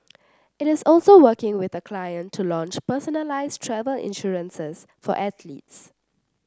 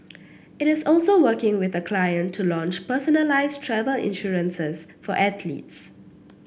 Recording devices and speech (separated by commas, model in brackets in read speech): standing microphone (AKG C214), boundary microphone (BM630), read sentence